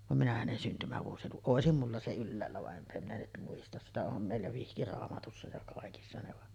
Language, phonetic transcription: Finnish, vam minä hänen 'syntymävuosiluku-ˀ "ˀòesim mulla se 'ylläällä va’ '’empä minä nyt muistas sitä "om mèillä 'vihkiraamatussa ja 'kàekissa ne va ,.
- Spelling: vaan minä hänen syntymävuosilukua olisi minulla se ylhäällä vaan enpä minä nyt muista sitä on meillä vihkiraamatussa ja kaikissa ne vaan

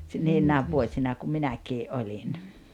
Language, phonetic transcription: Finnish, si- 'niinnääv 'vuośina kum 'minäkii’ "’oĺin .
- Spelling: - niinä vuosina kun minäkin olin

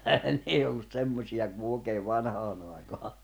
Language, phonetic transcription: Finnish, n ‿ei ollus 'semmośi₍a ku ooᵉkeev̆ 'vanhaanⁿ ‿àekaa .
- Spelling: ne ei ollut semmoisia kuin oikein vanhaan aikaan

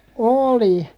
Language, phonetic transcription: Finnish, ooli .
- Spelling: oli

